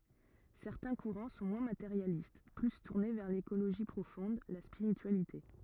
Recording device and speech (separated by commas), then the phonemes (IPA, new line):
rigid in-ear microphone, read sentence
sɛʁtɛ̃ kuʁɑ̃ sɔ̃ mwɛ̃ mateʁjalist ply tuʁne vɛʁ lekoloʒi pʁofɔ̃d la spiʁityalite